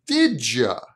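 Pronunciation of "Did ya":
'Did ya' is said without stopping between the words, with a little j sound between 'did' and 'ya'.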